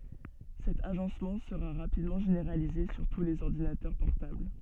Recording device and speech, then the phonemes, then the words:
soft in-ear microphone, read sentence
sɛt aʒɑ̃smɑ̃ səʁa ʁapidmɑ̃ ʒeneʁalize syʁ tu lez ɔʁdinatœʁ pɔʁtabl
Cet agencement sera rapidement généralisé sur tous les ordinateurs portables.

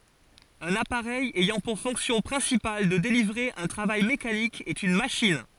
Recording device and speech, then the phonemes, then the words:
forehead accelerometer, read sentence
œ̃n apaʁɛj ɛjɑ̃ puʁ fɔ̃ksjɔ̃ pʁɛ̃sipal də delivʁe œ̃ tʁavaj mekanik ɛt yn maʃin
Un appareil ayant pour fonction principale de délivrer un travail mécanique est une machine.

